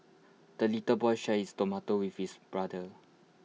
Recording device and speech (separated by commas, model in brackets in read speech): mobile phone (iPhone 6), read sentence